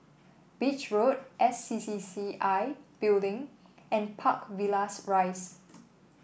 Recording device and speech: boundary microphone (BM630), read sentence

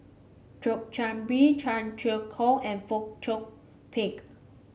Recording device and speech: mobile phone (Samsung C5), read sentence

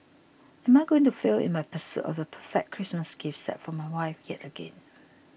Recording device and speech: boundary microphone (BM630), read sentence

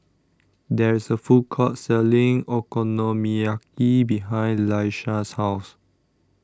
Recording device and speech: standing microphone (AKG C214), read sentence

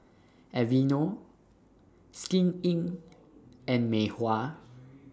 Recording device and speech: standing microphone (AKG C214), read sentence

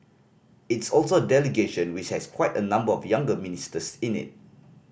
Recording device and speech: boundary microphone (BM630), read sentence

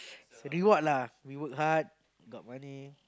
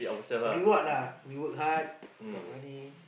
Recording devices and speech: close-talking microphone, boundary microphone, conversation in the same room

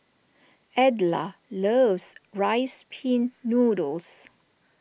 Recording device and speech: boundary microphone (BM630), read sentence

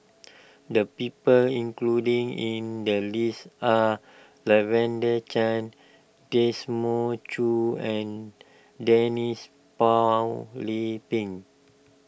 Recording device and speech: boundary microphone (BM630), read sentence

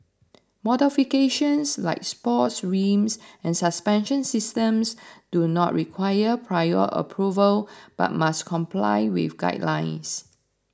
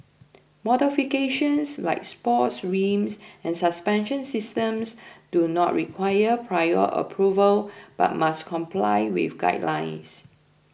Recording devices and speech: standing microphone (AKG C214), boundary microphone (BM630), read sentence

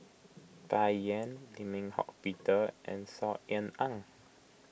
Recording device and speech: boundary microphone (BM630), read sentence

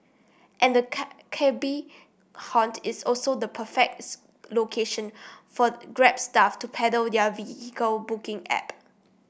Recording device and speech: boundary microphone (BM630), read sentence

